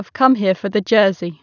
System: none